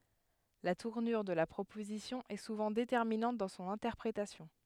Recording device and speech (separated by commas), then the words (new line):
headset microphone, read sentence
La tournure de la proposition est souvent déterminante dans son interprétation.